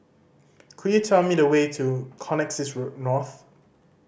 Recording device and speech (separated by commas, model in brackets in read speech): boundary microphone (BM630), read sentence